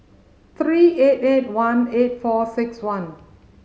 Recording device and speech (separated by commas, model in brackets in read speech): mobile phone (Samsung C5010), read sentence